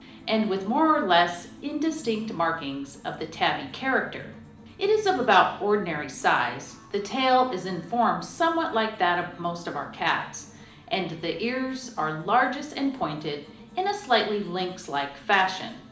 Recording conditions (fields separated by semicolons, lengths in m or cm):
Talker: one person; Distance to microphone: 2.0 m; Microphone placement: close; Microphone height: 99 cm; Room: medium-sized (5.7 m by 4.0 m); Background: music